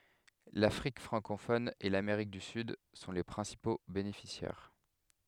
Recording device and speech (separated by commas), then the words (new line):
headset microphone, read sentence
L'Afrique francophone et l'Amérique du Sud sont les principaux bénéficiaires.